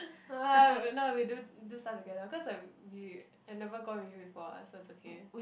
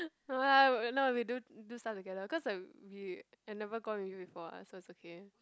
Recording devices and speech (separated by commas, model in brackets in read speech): boundary microphone, close-talking microphone, conversation in the same room